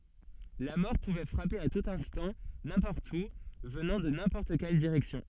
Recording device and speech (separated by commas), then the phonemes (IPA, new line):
soft in-ear microphone, read sentence
la mɔʁ puvɛ fʁape a tut ɛ̃stɑ̃ nɛ̃pɔʁt u vənɑ̃ də nɛ̃pɔʁt kɛl diʁɛksjɔ̃